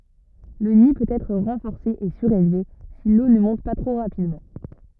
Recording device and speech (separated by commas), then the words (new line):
rigid in-ear microphone, read sentence
Le nid peut être renforcé et surélevé si l'eau ne monte pas trop rapidement.